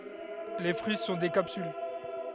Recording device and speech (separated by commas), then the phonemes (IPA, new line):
headset microphone, read sentence
le fʁyi sɔ̃ de kapsyl